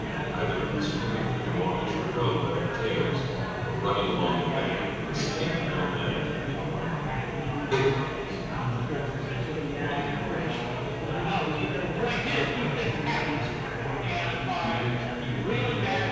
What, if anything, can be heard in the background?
Crowd babble.